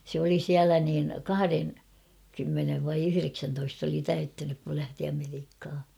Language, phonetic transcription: Finnish, sᵉ ‿oli 'siälä niin 'kahareŋ-,-kymmenev vai 'yhyreksäntoist ‿oli 'täyttänyk kul lähti Ameriikha .
- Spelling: se oli siellä niin kahdenkymmenen vai yhdeksäntoista oli täyttänyt kun lähti Amerikkaan

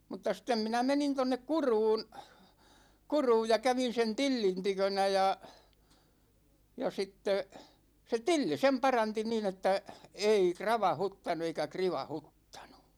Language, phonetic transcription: Finnish, mut̆ta sĭttem 'minä 'menin tonnek "Kuruun , 'Kuruuj ja 'kävin̬ sen "Tillin 'tykönä ja , ja 'sitte , se "Tilli 'sem 'paranti niin ‿että , 'ei 'krava"huttanu eikä 'kriva"huttANU .
- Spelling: mutta sitten minä menin tuonne Kuruun Kuruun ja kävin sen Tillin tykönä ja ja sitten se Tilli sen paransi niin että ei kravauttanut eikä krivauttanut

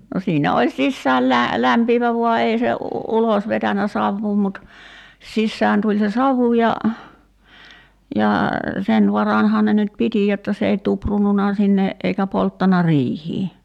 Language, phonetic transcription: Finnish, no 'siinä oĺ "sissääl lä- , 'lämpiivä 'vua 'ei se , "ulos vetänä 'savvuu mut , 'sissään tuĺ se "savu ja , ja , "sen 'varanhaan ne nyt 'piti jotta s ‿ei 'tuprununa sinne , eikä 'polttana "riihii .
- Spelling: no siinä oli sisään - lämpiävä vain ei se ulos vetänyt savua mutta sisään tuli se savu ja ja sen varanhan ne nyt piti jotta se ei tuprunnut sinne eikä polttanut riihtä

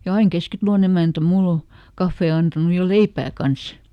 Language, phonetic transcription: Finnish, ja ˈaiŋ "Keskitᵃlon ‿emäntä ˈmull ‿o , ˈkaffee antanu ja "leipää "kans » .
- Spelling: ja aina Keskitalon emäntä minulle on kahvia antanut ja leipää kanssa

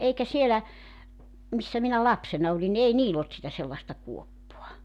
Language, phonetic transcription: Finnish, 'eikä 'sielä , 'missä minä "lapsena olin ni 'ei "niill ‿olt sitä sellaᵉsta 'kuoppoa .
- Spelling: eikä siellä missä minä lapsena olin niin ei niillä ollut sitä sellaista kuoppaa

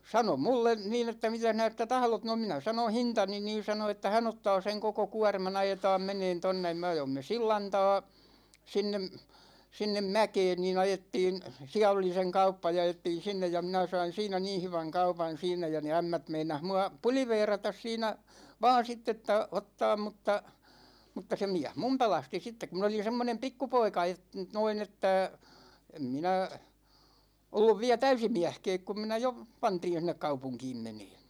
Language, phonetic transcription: Finnish, 'sano 'mulle , 'niin ‿että » 'mitäh 'näistä 'tahlot « no 'minä sanon̬ "hintani niin̬ sano että 'hän ‿ottaa 'seŋ koko 'kua̭rma'n ‿ajetaam 'meneen tonne (ja) me 'ajoimme "sillan ta̭a̭ , 'sinnem , 'sinnem "mäkeen nii'n ‿ajettiin , 'siä oli seŋ 'kauppa ja 'ajettiin̬ sinnej ja 'minä sain̬ siinä 'niin̬ 'hyväŋ "kaupan̬ 'siin̆nä ja ne 'ämmät 'meinah mua , "puliveeratas siinä , 'vaan̬ sitt ‿että , 'ottaam mutta , mutta se 'miäh "mum 'pelasti sittek̆ ku mi(n) ‿olin̬ 'semmonem "pikkupoika e- , 'noin ‿että , em 'minä , 'olluv viä "täysi 'miähkɛɛk kum 'minä jo , 'pantij (jo) sinnek "kaupuŋkiim 'meneeN .
- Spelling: sanoi minulle niin että mitäs näistä tahdot no minä sanoin hintani niin sanoi että hän ottaa sen koko kuorman ajetaan menemään tuonne ja me ajoimme sillan taakse sinne sinne mäkeen niin ajettiin siellä oli sen kauppa ja ajettiin sinne ja minä sain siinä niin hyvän kaupan siinä ja ne ämmät meinasi minua puliveerata siinä vain sitten että ottaa mutta mutta se mies minun pelasti sitten kun minä olin semmoinen pikkupoika - noin että en minä ollut vielä täysi mieskään kun minä jo pantiin jo sinne kaupunkiin menemään

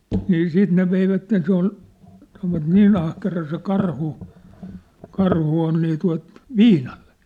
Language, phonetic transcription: Finnish, nii 'siit ne veivätten se ‿ol , sanovat "nii'n ‿ahkera se 'karhu , 'karhu on nii tua̭t , "viinaʟʟᴇ .
- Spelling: niin sitten ne veivät se oli sanoivat niin ahkera se karhu karhu on niin tuota viinalle

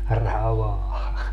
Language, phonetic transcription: Finnish, 'ravaa .
- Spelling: ravaa

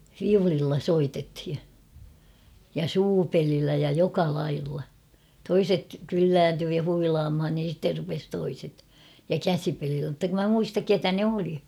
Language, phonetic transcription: Finnish, 'fiulilla 'soitethi , ja "suupelillä ja 'joka 'lailla , 'toiset , "kyllääntyy ja 'huilaamhan niɪn̬ sitter rupes 'toiset , ja "käsipelillä mᵘtta kum mä 'muistak "ketä 'ne oli .
- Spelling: viululla soitettiin ja suupelillä ja joka lailla toiset kyllääntyi ja huilaamaan niin sitten rupesi toiset ja käsipelillä mutta kun minä muista keitä ne oli

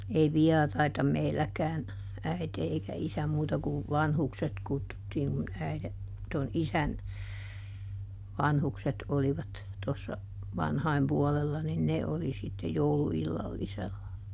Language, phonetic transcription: Finnish, ei "viɛraita ˈmeilläkään , ˈäite eikä ˈisä ˈmuuta ku , "vanhukset ˈkuttuttiiŋ kun ˈäiδe , ton "isän , ˈvanhukset olivat , tossa , ˈvanhaim puɔlella nin "ne oli sitte "joul illallisella .
- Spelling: ei vieraita meilläkään äiti eikä isä muuta kuin vanhukset kutsuttiin kun äidin tuon isän vanhukset olivat tuossa vanhojen puolella niin ne oli sitten - jouluillallisella

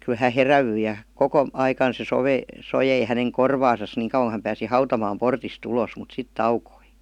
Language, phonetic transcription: Finnish, ky 'hä "herävyi ja , "koko , 'aikan se 'sove- , 'sojei häneŋ "korvaasas niiŋ kauWaŋ ku häm pääsi "hautamaam "portis't ‿ulos mut "sit 'taukoi .
- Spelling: kyllä hän heräsi ja koko aikana se - soi hänen korvaansa niin kauan kun hän pääsi hautamaan portista ulos mutta sitten taukosi

